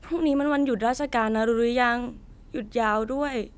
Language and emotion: Thai, neutral